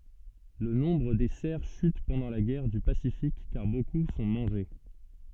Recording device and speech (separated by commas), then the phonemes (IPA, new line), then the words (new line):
soft in-ear microphone, read sentence
lə nɔ̃bʁ de sɛʁ ʃyt pɑ̃dɑ̃ la ɡɛʁ dy pasifik kaʁ boku sɔ̃ mɑ̃ʒe
Le nombre des cerfs chute pendant la guerre du Pacifique car beaucoup sont mangés.